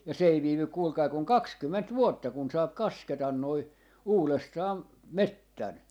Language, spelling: Finnish, ja se ei viivy kuulkaa kuin kaksikymmentä vuotta kun saa kasketa nuo uudestaan metsän
- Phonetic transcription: ja 's ‿ei 'viivyk 'kuulkai kuŋ "kakskymment "vuotta kun 'saap "kasketan noi , "uulestaam , 'mettän .

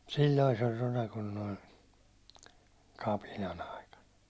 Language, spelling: Finnish, silloin se oli rona kun nuo kapinan aikana
- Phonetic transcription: 'sil̜l̜oi se oĺ 'rona kun noi , 'kapinan ‿aikan̬ .

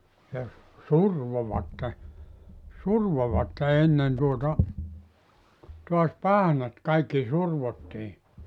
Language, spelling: Finnish, ja survoivat survoivat ennen tuota taas pahnat kaikki survottiin
- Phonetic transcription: ja , "survovatte , 'survovatte 'ennen tuota , tuas "pahnat kaikki 'survotti .

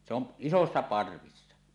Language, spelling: Finnish, se on isoissa parvissa
- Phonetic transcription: se ‿on , "isossa 'parvissa .

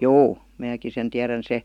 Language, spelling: Finnish, juu minäkin sen tiedän se
- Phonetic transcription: juu , 'määki sen 'tiärän 'se ,.

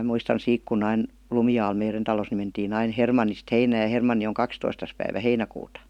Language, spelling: Finnish, muistan siitä kun aina Lumialla meidän talossa niin mentiin aina Hermannista heinään ja Hermanni on kahdestoista päivä heinäkuuta
- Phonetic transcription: 'muistan 'siik kun'n ‿ain , "Lumi₍aal 'meiren talos ni mentiin ‿ain "Hermannist 'heinääj̆ ja 'Hermanni oŋ "kakstoistas päivä "heinäkuuta .

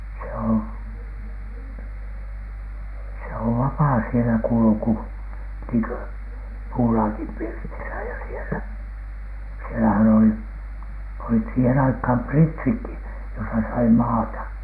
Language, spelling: Finnish, se on se on vapaa siellä kulku niin kuin puulaakin pirtissä ja siellä siellähän olivat olivat siihen aikaan pritsitkin jossa sai maata
- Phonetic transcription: se on , se ov "vapaa sielä 'kulᵘku , niiŋkö 'puulaakim pirtisä ja sielä , sielähän olit , olit siihen aikhàm "pritsikki josa sai 'maata .

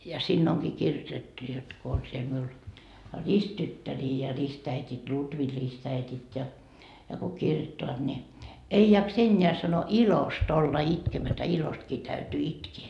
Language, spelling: Finnish, ja siinä onkin kirjoitettu jotta kun on siellä minulla ristityttäriä ja ristiäidit Lutvi ristiäidit ja ja kun kirjoittavat niin ei jaksa enää sanoi ilosta olla itkemättä ilostakin täytyy itkeä
- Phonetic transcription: ja 'siinn ‿oŋkii 'kirjotettu jot ko on siel miul , "risttyttärii ja 'ristäitit , 'Lutvi ristäitit ja , ja ko 'kirjottoat ni , 'ei jaks "eńńeä sano , "ilost ‿olla 'itkemätä 'ilostkii täytyy 'itkee .

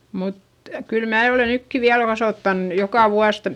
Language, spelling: Finnish, mutta kyllä minä olen nytkin vielä kasvattanut joka vuosi
- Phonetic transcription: mut , kyl mää ole nykki viäl kasòttan , jokà vuas .

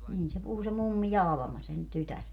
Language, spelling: Finnish, niin se puhui se mummi ja Alma sen tytär
- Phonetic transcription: niin se 'puhu se 'mummi ja "Alᵃma sen 'tytär .

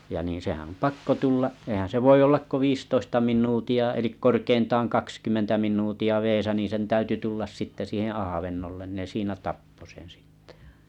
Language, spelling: Finnish, ja niin sehän on pakko tulla eihän se voi olla kuin viisitoista minuuttia eli korkeintaan kaksikymmentä minuuttia vedessä niin sen täytyi tulla sitten siihen avannolle ne siinä tappoi sen sitten
- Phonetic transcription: ja niiḭ sehän om 'pakko tulla’ , ehän se 'voi 'ollak ko viistoista 'min̆nuuti₍a elik 'korkeintaaŋ 'kakskymmentä min̆nuuti₍a 'veesä nii sen 'täyty tullas 'sitte siiheḛ 'ahavennollen ne 'siinä "tappo sen sɪttᴇ .

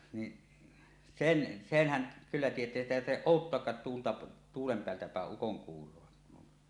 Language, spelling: Finnish, niin sen senhän kyllä tietää sitä ei tarvitse odottaakaan tuulta tuulen päältä päin ukonkuuroa
- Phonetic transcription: ni , 'sen , 'senhäŋ̳ , kyllä tiet̀ää sitä èi tarhteˀ "ˀòuttoakkaat tuulta , 'tuulem 'peältä pä̀eˀ "ˀukoŋkuur̀oa .

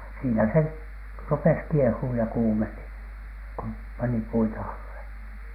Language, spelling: Finnish, siinä se rupesi kiehumaan ja kuumeni kun pani puita alle
- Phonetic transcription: siinä se , "rupes 'kiehuuj ja 'kuumeni , ku 'pani "puita alle .

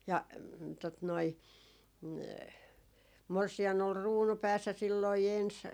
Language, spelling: Finnish, ja tuota noin morsian oli kruunu päässä silloin ensin
- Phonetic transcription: ja , tot noi , 'morsi₍an ‿ol "ruunu 'päässä silloi 'ens ,.

